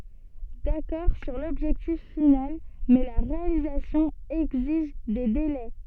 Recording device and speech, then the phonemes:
soft in-ear microphone, read sentence
dakɔʁ syʁ lɔbʒɛktif final mɛ la ʁealizasjɔ̃ ɛɡziʒ de delɛ

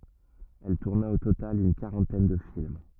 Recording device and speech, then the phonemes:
rigid in-ear microphone, read sentence
ɛl tuʁna o total yn kaʁɑ̃tɛn də film

